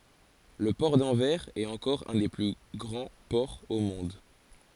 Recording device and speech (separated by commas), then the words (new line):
forehead accelerometer, read sentence
Le port d'Anvers est encore un des plus grands ports au monde.